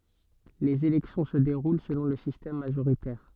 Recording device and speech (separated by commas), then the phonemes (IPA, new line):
soft in-ear microphone, read sentence
lez elɛksjɔ̃ sə deʁul səlɔ̃ lə sistɛm maʒoʁitɛʁ